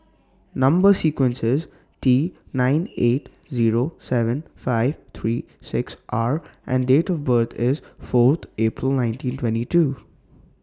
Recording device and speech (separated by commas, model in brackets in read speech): standing microphone (AKG C214), read sentence